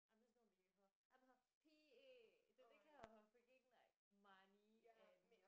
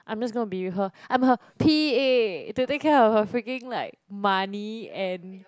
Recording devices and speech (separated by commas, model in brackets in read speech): boundary microphone, close-talking microphone, conversation in the same room